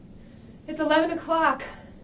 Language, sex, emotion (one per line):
English
female
fearful